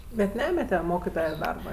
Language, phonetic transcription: Lithuanian, bet ˈnemete ˈmokitoja ˈdarba ˈir

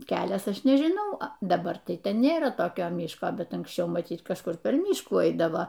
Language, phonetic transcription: Lithuanian, ˈkelias ˈaš nežiˈnau a daˈbar tai ˈten nėˈra toˈkio ˈmiško bet anksˈčiau maˈtyt kažˈkur ˈper ˈmyškų ˈaidavo

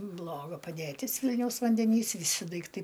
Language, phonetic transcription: Lithuanian, ˈbloga padėˈtis ˈvilniaus vandeˈnys viˈsi daikˈtai

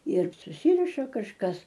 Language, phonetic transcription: Lithuanian, ir suˈsyriša kažˈkas

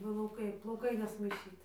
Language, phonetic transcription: Lithuanian, plauˈkai plauˈkai nesmaiˈšyt

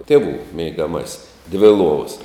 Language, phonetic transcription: Lithuanian, ˈtėˌvų meigaˈmasis dvi ˈluovas

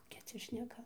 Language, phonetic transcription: Lithuanian, koˈkia ˈcia šneˈka

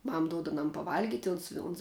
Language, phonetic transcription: Lithuanian, ˈmam ˈduod aˈnam paˈvalgit' ˈuns i uns

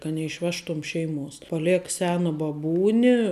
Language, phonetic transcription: Lithuanian, ka neišˈvežtum ˈšeiˌmuos paˈlek ˈsena baˈbūni

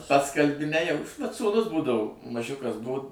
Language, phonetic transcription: Lithuanian, ˈpats kalˈbi ˈnejau vat sūˈnus ˈbūdavu maˈžiukas ˈbuu

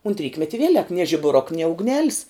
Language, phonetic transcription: Lithuanian, unt ˈrykmeti ˈvielek nie žibuˈruk nie ugˈnelis

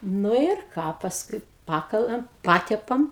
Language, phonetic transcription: Lithuanian, ˈnu ir ˈką pasˈkui ˈpakalam ˈpatepam

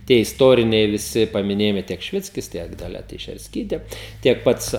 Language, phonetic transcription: Lithuanian, tie isˈtoriniai viˈsi pamiˈnėjimai tiek šiˈvickis ˈtiek daˈlia teišersˈkytė ˈtiek ˈpats

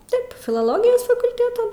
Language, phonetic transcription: Lithuanian, ˈtaip filoˈlogijos fakulˈtėtų

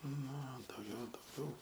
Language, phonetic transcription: Lithuanian, nu o dauˈgiau dauˈgiau

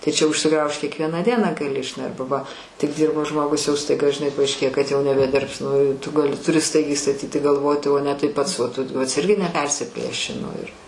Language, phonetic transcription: Lithuanian, tai čia užsiˈgraužt kiekˈvieną ˈdieną gaˈli ˈarba va tik ˈdyrbo ˈžmogus jau staiˈga žiˈnai paaišˈkėja kad jau nebeˈdirbs nu tu gaˈli tuˈri ˈstaigiai staˈtyti galˈvoti o ne tai ˈpats vat ˈtu ˈpats ˈirgi neˈpersiplėši nu ir

